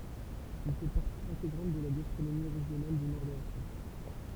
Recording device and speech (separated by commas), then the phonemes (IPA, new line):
temple vibration pickup, read sentence
il fɛ paʁti ɛ̃teɡʁɑ̃t də la ɡastʁonomi ʁeʒjonal dy nɔʁ də la fʁɑ̃s